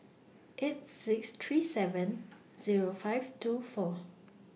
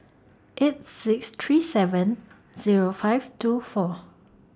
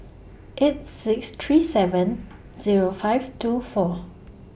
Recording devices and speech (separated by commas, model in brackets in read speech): mobile phone (iPhone 6), standing microphone (AKG C214), boundary microphone (BM630), read sentence